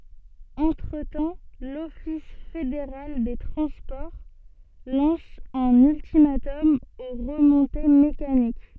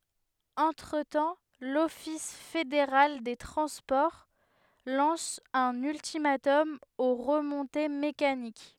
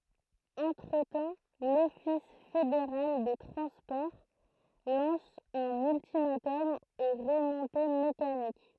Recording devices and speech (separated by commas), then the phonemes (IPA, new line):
soft in-ear microphone, headset microphone, throat microphone, read sentence
ɑ̃tʁətɑ̃ lɔfis fedeʁal de tʁɑ̃spɔʁ lɑ̃s œ̃n yltimatɔm o ʁəmɔ̃te mekanik